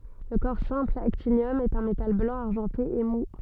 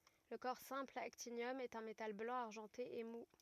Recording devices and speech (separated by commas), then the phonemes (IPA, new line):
soft in-ear microphone, rigid in-ear microphone, read sentence
lə kɔʁ sɛ̃pl aktinjɔm ɛt œ̃ metal blɑ̃ aʁʒɑ̃te e mu